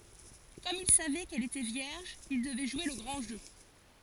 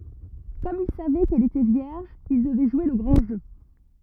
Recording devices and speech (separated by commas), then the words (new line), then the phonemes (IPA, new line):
forehead accelerometer, rigid in-ear microphone, read sentence
Comme il savait qu'elle était vierge, il devait jouer le grand jeu.
kɔm il savɛ kɛl etɛ vjɛʁʒ il dəvɛ ʒwe lə ɡʁɑ̃ ʒø